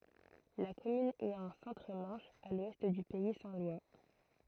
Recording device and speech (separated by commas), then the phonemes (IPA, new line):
throat microphone, read sentence
la kɔmyn ɛt ɑ̃ sɑ̃tʁ mɑ̃ʃ a lwɛst dy pɛi sɛ̃ lwa